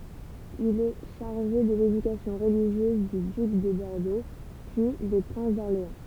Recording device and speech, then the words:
temple vibration pickup, read sentence
Il est chargé de l’éducation religieuse du duc de Bordeaux, puis des princes d’Orléans.

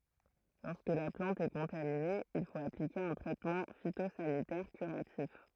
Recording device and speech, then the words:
throat microphone, read sentence
Lorsque la plante est contaminée, il faut appliquer un traitement phytosanitaire curatif.

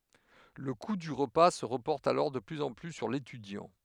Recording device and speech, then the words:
headset microphone, read sentence
Le coût du repas se reporte alors de plus en plus sur l'étudiant.

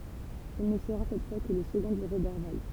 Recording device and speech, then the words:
temple vibration pickup, read sentence
Il ne sera cette fois que le second de Roberval.

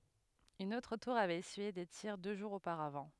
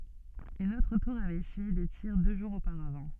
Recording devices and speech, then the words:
headset microphone, soft in-ear microphone, read sentence
Une autre tour avait essuyé des tirs deux jours auparavant.

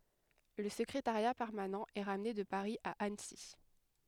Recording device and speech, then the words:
headset microphone, read sentence
Le secrétariat permanent est ramené de Paris à Annecy.

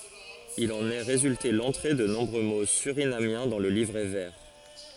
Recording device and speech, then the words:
forehead accelerometer, read sentence
Il en est résulté l'entrée de nombreux mots surinamiens dans le livret vert.

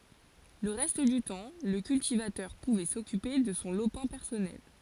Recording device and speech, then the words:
forehead accelerometer, read sentence
Le reste du temps, le cultivateur pouvait s'occuper de son lopin personnel.

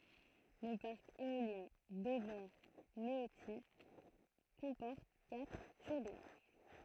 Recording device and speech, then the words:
throat microphone, read sentence
Le parc éolien d'Auvers-Méautis comporte quatre turbines.

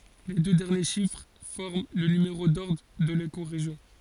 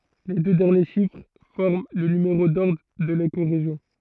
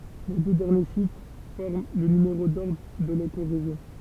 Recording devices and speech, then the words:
forehead accelerometer, throat microphone, temple vibration pickup, read sentence
Les deux derniers chiffres forment le numéro d'ordre de l'écorégion.

